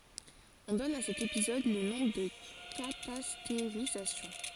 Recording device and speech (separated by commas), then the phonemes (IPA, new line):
forehead accelerometer, read sentence
ɔ̃ dɔn a sɛt epizɔd lə nɔ̃ də katasteʁizasjɔ̃